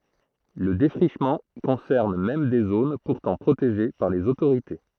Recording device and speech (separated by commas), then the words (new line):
throat microphone, read sentence
Le défrichement concerne même des zones pourtant protégées par les autorités.